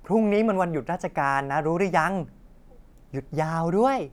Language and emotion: Thai, happy